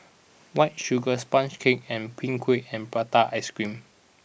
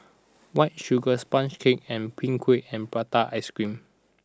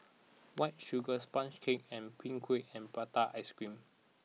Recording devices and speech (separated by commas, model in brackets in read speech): boundary microphone (BM630), standing microphone (AKG C214), mobile phone (iPhone 6), read sentence